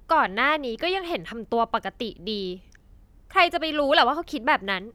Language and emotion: Thai, frustrated